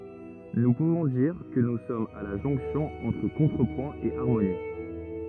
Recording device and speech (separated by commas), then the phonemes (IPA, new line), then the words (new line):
rigid in-ear microphone, read sentence
nu puvɔ̃ diʁ kə nu sɔmz a la ʒɔ̃ksjɔ̃ ɑ̃tʁ kɔ̃tʁəpwɛ̃ e aʁmoni
Nous pouvons dire que nous sommes à la jonction entre contrepoint et harmonie.